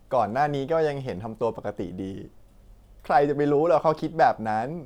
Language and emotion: Thai, sad